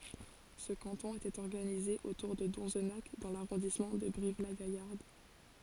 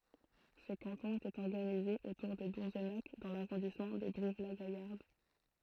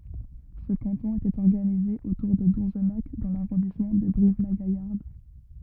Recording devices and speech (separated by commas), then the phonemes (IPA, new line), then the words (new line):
forehead accelerometer, throat microphone, rigid in-ear microphone, read sentence
sə kɑ̃tɔ̃ etɛt ɔʁɡanize otuʁ də dɔ̃znak dɑ̃ laʁɔ̃dismɑ̃ də bʁivlaɡajaʁd
Ce canton était organisé autour de Donzenac dans l'arrondissement de Brive-la-Gaillarde.